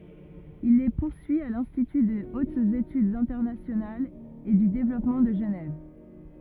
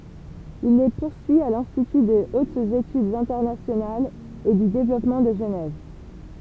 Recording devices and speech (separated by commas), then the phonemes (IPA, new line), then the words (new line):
rigid in-ear microphone, temple vibration pickup, read sentence
il le puʁsyi a lɛ̃stity də otz etydz ɛ̃tɛʁnasjonalz e dy devlɔpmɑ̃ də ʒənɛv
Il les poursuit à l'Institut de hautes études internationales et du développement de Genève.